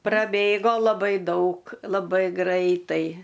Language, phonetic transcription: Lithuanian, praˈbėgo laˈbai ˈdaug laˈbai ˈgraitai

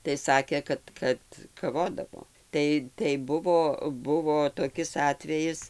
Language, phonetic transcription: Lithuanian, tai ˈsakė ˈkad kad kaˈvodavo ˈtai tai ˈbuvo ˈbuvo toˈkis ˈatvejis

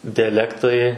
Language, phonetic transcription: Lithuanian, diaˈlektai

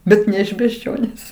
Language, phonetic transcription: Lithuanian, ˈbet ne iš bežˈdžionės

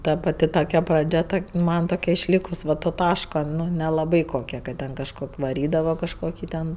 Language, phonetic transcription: Lithuanian, ˈta paˈti toˈkia praˈdžia ˈtok' ˈman toˈkia išˈlykus ˈva to ˈtaško nelaˈbai koˈkia kad ˈten kažˈkok' vaˈrydava kažˈkoki ten

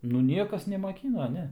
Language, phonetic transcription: Lithuanian, nu ˈniekas nemaˈkyno ˈne

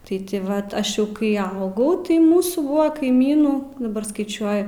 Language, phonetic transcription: Lithuanian, tai ti ˈvat ˈaš jau kai ˈaugau tai ˈmūsų ˈbuo kaiˈmynų daˈbar skaiˈčiuoju

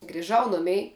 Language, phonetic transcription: Lithuanian, griˈžau ˈnumei

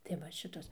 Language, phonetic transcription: Lithuanian, tai ˈva ˈšitos

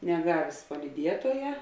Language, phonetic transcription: Lithuanian, neˈgavės palyˈdietuoja

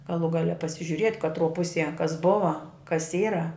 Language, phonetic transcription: Lithuanian, gaˈlų ˈgale pasižiuˈriet' katˈruo ˈpusie kas ˈbuva kas ˈyra

